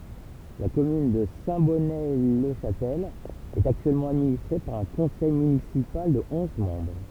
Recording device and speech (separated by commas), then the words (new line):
temple vibration pickup, read sentence
La commune de Saint-Bonnet-le-Chastel est actuellement administrée par un conseil municipal de onze membres.